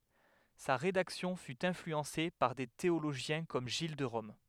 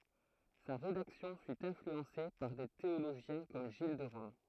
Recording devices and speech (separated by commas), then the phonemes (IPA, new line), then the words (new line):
headset microphone, throat microphone, read sentence
sa ʁedaksjɔ̃ fy ɛ̃flyɑ̃se paʁ de teoloʒjɛ̃ kɔm ʒil də ʁɔm
Sa rédaction fut influencée par des théologiens comme Gilles de Rome.